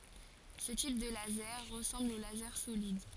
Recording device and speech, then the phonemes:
forehead accelerometer, read sentence
sə tip də lazɛʁ ʁəsɑ̃bl o lazɛʁ solid

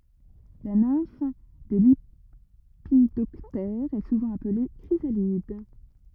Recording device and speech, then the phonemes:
rigid in-ear microphone, read sentence
la nɛ̃f de lepidɔptɛʁz ɛ suvɑ̃ aple kʁizalid

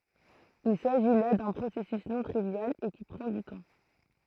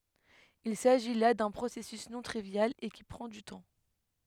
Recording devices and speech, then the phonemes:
throat microphone, headset microphone, read sentence
il saʒi la dœ̃ pʁosɛsys nɔ̃ tʁivjal e ki pʁɑ̃ dy tɑ̃

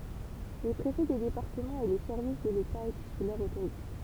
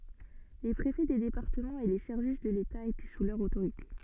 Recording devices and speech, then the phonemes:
temple vibration pickup, soft in-ear microphone, read sentence
le pʁefɛ de depaʁtəmɑ̃z e le sɛʁvis də leta etɛ su lœʁ otoʁite

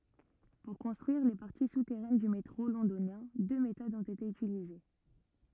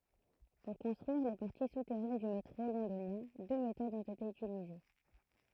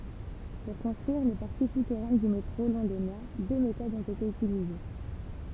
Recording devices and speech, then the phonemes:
rigid in-ear microphone, throat microphone, temple vibration pickup, read sentence
puʁ kɔ̃stʁyiʁ le paʁti sutɛʁɛn dy metʁo lɔ̃donjɛ̃ dø metodz ɔ̃t ete ytilize

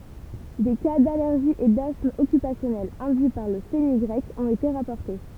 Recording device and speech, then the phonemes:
temple vibration pickup, read sentence
de ka dalɛʁʒi e dasm ɔkypasjɔnɛl ɛ̃dyi paʁ lə fənyɡʁɛk ɔ̃t ete ʁapɔʁte

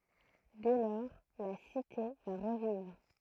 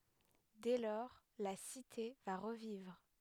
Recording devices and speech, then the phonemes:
throat microphone, headset microphone, read sentence
dɛ lɔʁ la site va ʁəvivʁ

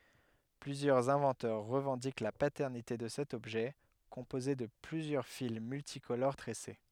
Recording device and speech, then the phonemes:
headset microphone, read sentence
plyzjœʁz ɛ̃vɑ̃tœʁ ʁəvɑ̃dik la patɛʁnite də sɛt ɔbʒɛ kɔ̃poze də plyzjœʁ fil myltikoloʁ tʁɛse

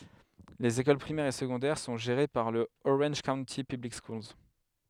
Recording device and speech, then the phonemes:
headset microphone, read sentence
lez ekol pʁimɛʁz e səɡɔ̃dɛʁ sɔ̃ ʒeʁe paʁ lə oʁɑ̃ʒ kaownti pyblik skuls

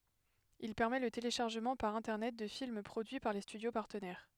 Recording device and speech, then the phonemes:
headset microphone, read sentence
il pɛʁmɛ lə teleʃaʁʒəmɑ̃ paʁ ɛ̃tɛʁnɛt də film pʁodyi paʁ le stydjo paʁtənɛʁ

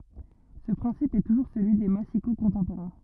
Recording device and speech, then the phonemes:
rigid in-ear microphone, read sentence
sə pʁɛ̃sip ɛ tuʒuʁ səlyi de masiko kɔ̃tɑ̃poʁɛ̃

